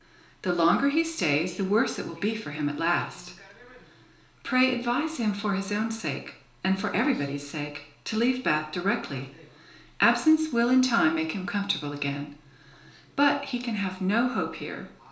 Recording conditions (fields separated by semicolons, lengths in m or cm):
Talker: one person; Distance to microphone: 1.0 m; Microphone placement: close; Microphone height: 1.1 m; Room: small (3.7 m by 2.7 m); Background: television